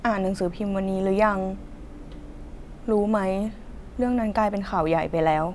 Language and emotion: Thai, frustrated